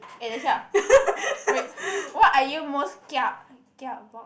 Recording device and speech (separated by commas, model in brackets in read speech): boundary microphone, conversation in the same room